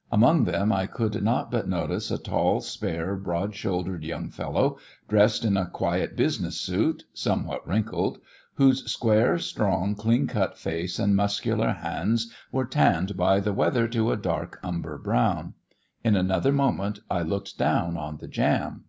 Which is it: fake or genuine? genuine